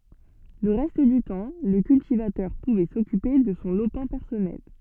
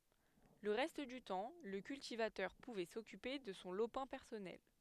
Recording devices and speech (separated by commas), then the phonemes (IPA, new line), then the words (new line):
soft in-ear microphone, headset microphone, read sentence
lə ʁɛst dy tɑ̃ lə kyltivatœʁ puvɛ sɔkype də sɔ̃ lopɛ̃ pɛʁsɔnɛl
Le reste du temps, le cultivateur pouvait s'occuper de son lopin personnel.